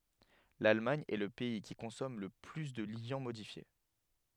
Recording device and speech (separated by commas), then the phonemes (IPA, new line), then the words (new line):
headset microphone, read sentence
lalmaɲ ɛ lə pɛi ki kɔ̃sɔm lə ply də ljɑ̃ modifje
L'Allemagne est le pays qui consomme le plus de liants modifiés.